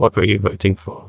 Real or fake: fake